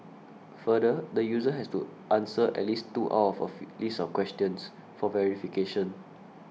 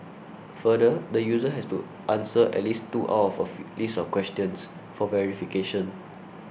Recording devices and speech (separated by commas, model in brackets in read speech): mobile phone (iPhone 6), boundary microphone (BM630), read sentence